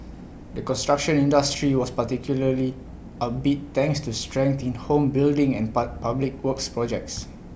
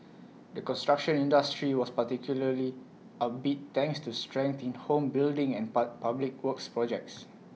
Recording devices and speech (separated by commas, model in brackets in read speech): boundary microphone (BM630), mobile phone (iPhone 6), read sentence